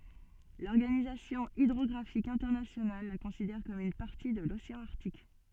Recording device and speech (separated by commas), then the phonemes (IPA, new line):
soft in-ear microphone, read sentence
lɔʁɡanizasjɔ̃ idʁɔɡʁafik ɛ̃tɛʁnasjonal la kɔ̃sidɛʁ kɔm yn paʁti də loseɑ̃ aʁtik